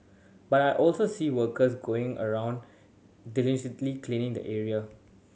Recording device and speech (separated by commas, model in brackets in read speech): mobile phone (Samsung C7100), read sentence